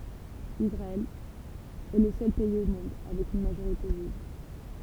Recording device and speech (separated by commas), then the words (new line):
temple vibration pickup, read sentence
Israël est le seul pays au monde avec une majorité juive.